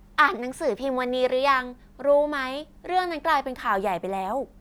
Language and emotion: Thai, happy